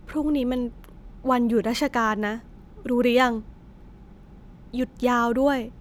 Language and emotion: Thai, frustrated